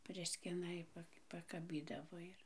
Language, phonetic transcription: Lithuanian, ˈpriskina i ˈpak pakaˈbydavo ir

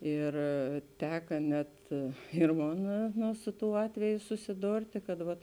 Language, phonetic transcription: Lithuanian, ˈir ˈteka net ir ˈmon ˈnu ˈsu ˌtū ˈatveju susiˈdortė kad ˈvat

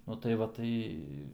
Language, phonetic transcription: Lithuanian, nu tai ˈva ˈtai

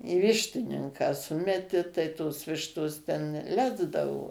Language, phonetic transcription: Lithuanian, į ˈvištininką ˈsumeti tai ˈtos ˈvištos ten ˈlesdavo

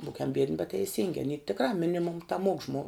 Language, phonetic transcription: Lithuanian, ˈbūkiamˈ biedni bet teiˈsingi aˈny tikˈra ˈminimum taˈmuok žmo

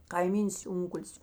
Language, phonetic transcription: Lithuanian, kaiˈmyns ˈunkulis

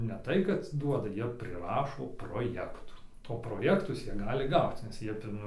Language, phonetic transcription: Lithuanian, ne ˈtai kad ˈduoda ˈjie priˈrašo proˈjektų o proˈjektus ˈjie ˈgali ˈgauc nes ˈjie ˈfin

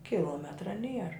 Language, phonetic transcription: Lithuanian, kiˈlometra ˈnier

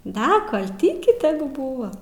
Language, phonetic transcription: Lithuanian, ˈda kal ˈtyki ˈteˈgu ˈbūva

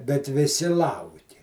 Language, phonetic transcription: Lithuanian, bet viˈsi ˈlauki

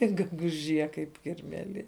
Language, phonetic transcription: Lithuanian, ir geguˈžie kaip kirmeˈlie

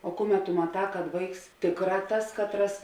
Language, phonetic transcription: Lithuanian, o ˈkuˌmet tu maˈtā kad ˈvaiks ˈtėkˌrā ˈtas katˈras

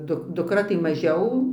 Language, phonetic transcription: Lithuanian, ˈduk dukˈra tai maˈžiau

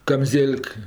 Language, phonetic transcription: Lithuanian, kamˈzėl'k

